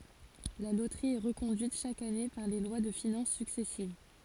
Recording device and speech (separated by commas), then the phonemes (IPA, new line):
forehead accelerometer, read sentence
la lotʁi ɛ ʁəkɔ̃dyit ʃak ane paʁ le lwa də finɑ̃s syksɛsiv